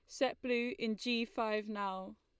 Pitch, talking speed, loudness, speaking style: 230 Hz, 180 wpm, -37 LUFS, Lombard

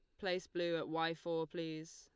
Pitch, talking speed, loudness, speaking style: 165 Hz, 205 wpm, -40 LUFS, Lombard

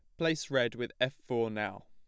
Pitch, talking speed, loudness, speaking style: 120 Hz, 215 wpm, -33 LUFS, plain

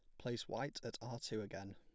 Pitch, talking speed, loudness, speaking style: 115 Hz, 230 wpm, -45 LUFS, plain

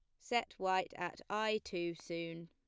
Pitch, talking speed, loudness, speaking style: 180 Hz, 160 wpm, -39 LUFS, plain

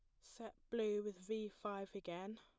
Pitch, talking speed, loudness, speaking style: 210 Hz, 165 wpm, -46 LUFS, plain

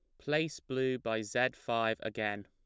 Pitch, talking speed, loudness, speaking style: 115 Hz, 160 wpm, -34 LUFS, plain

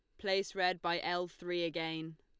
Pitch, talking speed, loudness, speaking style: 175 Hz, 180 wpm, -36 LUFS, Lombard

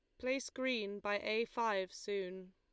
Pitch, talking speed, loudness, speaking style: 205 Hz, 155 wpm, -39 LUFS, Lombard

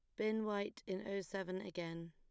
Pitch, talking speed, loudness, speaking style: 195 Hz, 190 wpm, -42 LUFS, plain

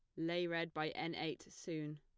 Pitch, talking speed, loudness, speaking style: 165 Hz, 200 wpm, -42 LUFS, plain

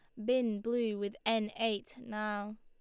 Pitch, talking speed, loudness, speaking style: 220 Hz, 155 wpm, -35 LUFS, Lombard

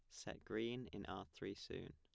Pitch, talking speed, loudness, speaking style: 100 Hz, 210 wpm, -49 LUFS, plain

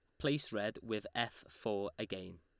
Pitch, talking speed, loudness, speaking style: 105 Hz, 165 wpm, -40 LUFS, Lombard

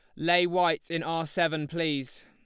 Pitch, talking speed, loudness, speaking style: 165 Hz, 175 wpm, -27 LUFS, Lombard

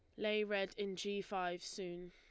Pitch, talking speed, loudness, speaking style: 195 Hz, 190 wpm, -41 LUFS, Lombard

